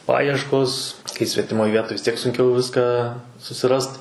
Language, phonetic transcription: Lithuanian, ˈpajieškos kai svetiˈmoj ˈvietoj vis ˈtiek sunˈkiau ˈviską susiˈrast

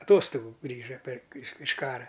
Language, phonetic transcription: Lithuanian, aˈtostogu ˈgrįža per iš iš ˈkara

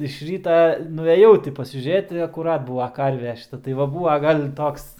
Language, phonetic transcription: Lithuanian, iš ˈryta nueˈjau ti pasižiūˈrėt i akuˈrat ˈbūva ˈkarve šiˈta tai va ˈbūva ˈgal' ˈtoks

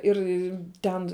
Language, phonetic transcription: Lithuanian, ˈir ˈten

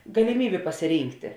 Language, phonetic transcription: Lithuanian, galiˈmybė pasiˈrynkti

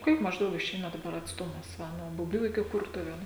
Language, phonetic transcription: Lithuanian, ˈkiek mažˈdaug iˈšeina daˈbar atsˈtumas ˈva nuo buˈbių iki ˈkurtuvėnų

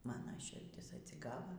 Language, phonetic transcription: Lithuanian, ˈmana širˈdis atsiˈgava

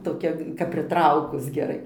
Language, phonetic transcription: Lithuanian, toˈkia kap priˈtraukus geˈrai

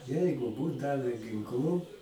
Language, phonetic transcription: Lithuanian, ˈjeigu ˈbūt ˈdave ginˈklų

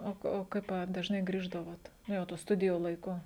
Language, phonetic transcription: Lithuanian, ˈo o ˈkaip a dažˈnai ˈgrįždavot ˈnu jau tų ˈstudijų laiˈku

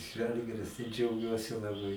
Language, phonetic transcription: Lithuanian, ˈžalgiris tai džiauˈgiuosi laˈbai

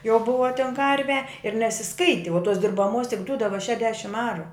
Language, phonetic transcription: Lithuanian, jau ˈbuva ten ˈkarve ir nesiˈskaiti o tos dirbaˈmos tik ˈdudava tik šešˈdešim ˈaru

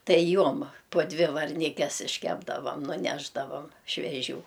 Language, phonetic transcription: Lithuanian, ˈtai ˈjuom po ˈdvi varˈnikes išˈkepdavam nuˈnešdavam šveˈžių

